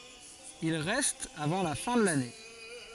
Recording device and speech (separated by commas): forehead accelerometer, read sentence